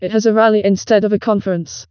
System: TTS, vocoder